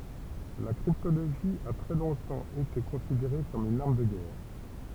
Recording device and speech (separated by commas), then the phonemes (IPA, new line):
temple vibration pickup, read sentence
la kʁiptoloʒi a tʁɛ lɔ̃tɑ̃ ete kɔ̃sideʁe kɔm yn aʁm də ɡɛʁ